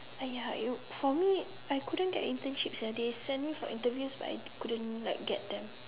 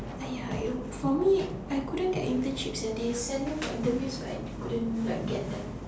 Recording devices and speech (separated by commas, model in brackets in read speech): telephone, standing microphone, conversation in separate rooms